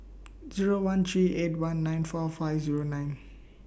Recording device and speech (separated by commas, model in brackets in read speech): boundary microphone (BM630), read sentence